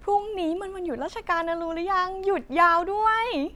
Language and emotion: Thai, happy